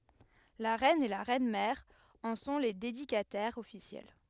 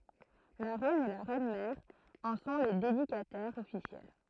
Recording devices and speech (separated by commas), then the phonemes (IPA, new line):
headset microphone, throat microphone, read sentence
la ʁɛn e la ʁɛnmɛʁ ɑ̃ sɔ̃ le dedikatɛʁz ɔfisjɛl